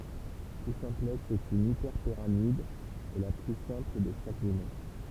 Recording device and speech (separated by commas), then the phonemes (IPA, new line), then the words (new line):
temple vibration pickup, read sentence
tu sɛ̃plɛks ɛt yn ipɛʁpiʁamid e la ply sɛ̃pl də ʃak dimɑ̃sjɔ̃
Tout simplexe est une hyperpyramide, et la plus simple de chaque dimension.